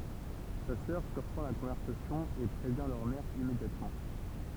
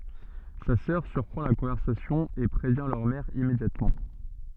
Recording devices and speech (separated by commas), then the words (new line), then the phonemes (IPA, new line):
temple vibration pickup, soft in-ear microphone, read sentence
Sa sœur surprend la conversation et prévient leur mère immédiatement.
sa sœʁ syʁpʁɑ̃ la kɔ̃vɛʁsasjɔ̃ e pʁevjɛ̃ lœʁ mɛʁ immedjatmɑ̃